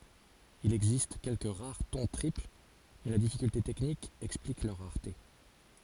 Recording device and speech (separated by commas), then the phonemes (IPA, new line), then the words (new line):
forehead accelerometer, read sentence
il ɛɡzist kɛlkə ʁaʁ tɔ̃ tʁipl mɛ la difikylte tɛknik ɛksplik lœʁ ʁaʁte
Il existe quelques rares ton triple, mais la difficulté technique explique leur rareté.